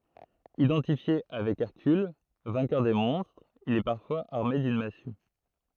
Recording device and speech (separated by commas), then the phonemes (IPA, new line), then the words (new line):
throat microphone, read sentence
idɑ̃tifje avɛk ɛʁkyl vɛ̃kœʁ de mɔ̃stʁz il ɛ paʁfwaz aʁme dyn masy
Identifié avec Hercule, vainqueur des monstres, il est parfois armé d'une massue.